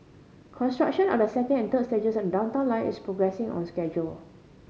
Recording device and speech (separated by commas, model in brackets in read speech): mobile phone (Samsung C5010), read sentence